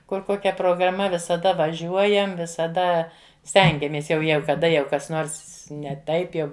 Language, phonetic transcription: Lithuanian, ˈkur ˈkokia prograˈma visaˈda vaˈžiuojam visaˈda ˈstengiamės ˈjau ˈjegu kaˈda jau ˈkas ˈnors ne ˈtaip jau

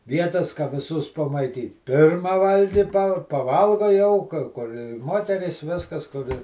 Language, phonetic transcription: Lithuanian, ˈvietas ka viˈsus pamaiˈtyt ˈpirma ˈvalgi pa paˈvalgo jau ka ˈkur ˈmoterys ˈviskas kur i

